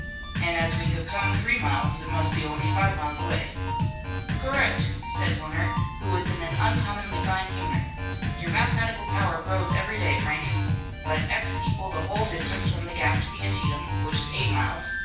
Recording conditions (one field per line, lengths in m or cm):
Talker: one person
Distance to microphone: 9.8 m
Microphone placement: far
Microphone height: 1.8 m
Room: large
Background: music